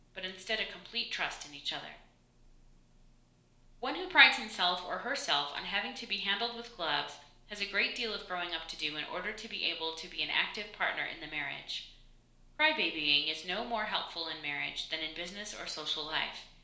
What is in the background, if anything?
Nothing.